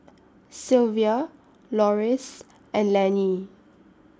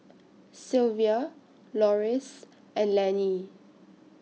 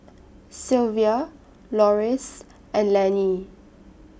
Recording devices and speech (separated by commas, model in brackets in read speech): standing microphone (AKG C214), mobile phone (iPhone 6), boundary microphone (BM630), read sentence